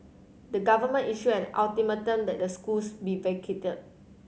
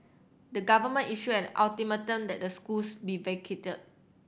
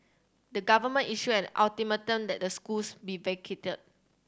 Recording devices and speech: mobile phone (Samsung C7100), boundary microphone (BM630), standing microphone (AKG C214), read sentence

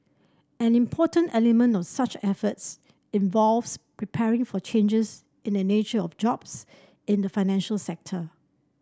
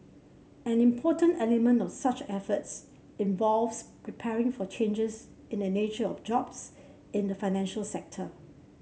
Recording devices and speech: standing microphone (AKG C214), mobile phone (Samsung C7), read sentence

